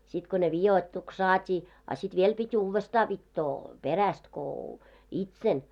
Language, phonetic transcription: Finnish, sit ko ne "vijoittuks 'saat́ii , a sit 'viel 'pi't́ ‿uuvvestaa vittoo , "peräst ko , "itsel .
- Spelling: sitten kun ne vidoituksi saatiin a sitten vielä piti uudestaan vitoa perästä kun itsellä

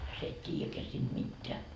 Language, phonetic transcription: Finnish, sie et 't́iijäkeä siinD 'mitteä .
- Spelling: sinä et tiedäkään siitä mitään

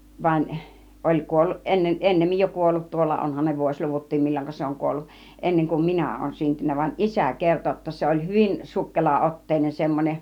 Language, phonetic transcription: Finnish, van , oĺ 'kuolluˀ 'ˀenne- , 'ˀennemmij jo "kuollut tuolla 'onhan ne 'vuośluvut̆tiim 'mil͕l͕oŋka 'se oŋ 'kuolluk , 'enneŋ kum "minä ooᵘn 'syntynnä van , "isä̀ 'kerto jotta 'se oĺ , 'hyvin 'suk-kela₍otteinen semmon͕en .
- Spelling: vaan oli kuollut - ennemmin jo kuollut tuolla onhan ne vuosiluvutkin milloinka se on kuollut ennen kuin minä olen syntynyt vaan isä kertoi jotta se oli hyvin sukkelaotteinen semmoinen

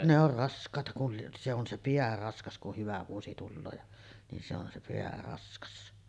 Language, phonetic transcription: Finnish, ne ‿or 'rask̀àeta kul lieˀ , se ‿on 'se "piä raskas kuh 'hyvä vuosi 'tulloo ja , nin se ‿on se 'peä 'raskas .
- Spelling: ne on raskaita kun lie se on se pää raskas kun hyvä vuosi tulee ja niin se on se pää raskas

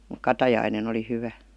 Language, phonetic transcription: Finnish, muk "katajainen ‿oli 'hyvä .
- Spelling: mutta katajainen oli hyvä

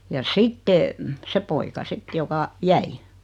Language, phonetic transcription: Finnish, ja "sitte , 'se poika 'sit joka , "jäi .
- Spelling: ja sitten se poika sitten joka jäi

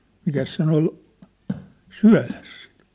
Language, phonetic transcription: Finnish, mikäs 'sen ‿ol , "syä̭les (sit) .
- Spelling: mikäs sen oli syödessä sitten

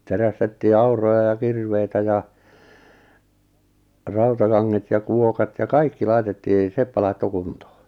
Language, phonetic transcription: Finnish, 'terästettii "aur̀oja ja "kirveitä ja , 'rautakaŋŋet ja 'kuokat ja "kaikki 'laitettii , 'seppä laitto 'kuntoo .
- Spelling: terästettiin auroja ja kirveitä ja rautakanget ja kuokat ja kaikki laitettiin seppä laittoi kuntoon

